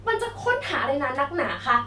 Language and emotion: Thai, angry